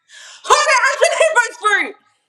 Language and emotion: English, fearful